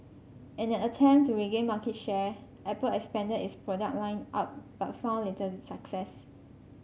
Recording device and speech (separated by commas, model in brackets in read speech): mobile phone (Samsung C5), read sentence